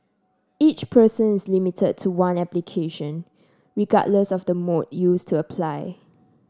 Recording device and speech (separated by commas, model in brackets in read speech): standing microphone (AKG C214), read sentence